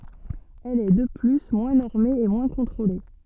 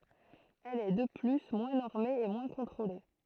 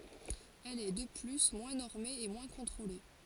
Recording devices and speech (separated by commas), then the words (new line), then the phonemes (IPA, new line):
soft in-ear microphone, throat microphone, forehead accelerometer, read sentence
Elle est, de plus, moins normée et moins contrôlée.
ɛl ɛ də ply mwɛ̃ nɔʁme e mwɛ̃ kɔ̃tʁole